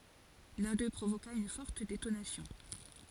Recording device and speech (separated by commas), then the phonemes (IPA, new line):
forehead accelerometer, read sentence
lœ̃ dø pʁovoka yn fɔʁt detonasjɔ̃